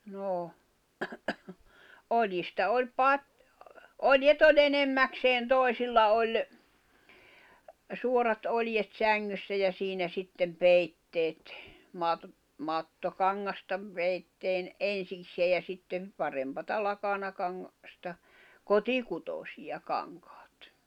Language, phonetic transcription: Finnish, noo , 'ol̀jista oĺ "pat- , "oljet ‿o"ĺ ‿enemmäkseen "tòi̬silla oĺ , 'suorat 'oĺjet "säŋŋyssä ja 'siinä 'sittem "peitteet , maat- , 'mattokaŋŋasta , 'peitteen , "ensiksee ja sittem , 'parempata 'lakanakaŋŋa- , -sta , "koti'kutosija 'kaŋkᴀᴀt .
- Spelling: no oljista oli - oljet oli enimmäkseen toisilla oli suorat oljet sängyssä ja siinä sitten peitteet - mattokangasta peitteen ensiksikin ja sitten parempaa - lakanakangasta kotikutoisia kankaat

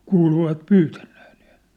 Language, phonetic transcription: Finnish, 'kuuluvat "pyytänɴᴇᴇ ɴɪɪʟ .
- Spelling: kuuluvat pyytäneen niillä

